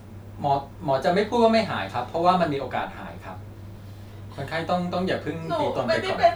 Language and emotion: Thai, neutral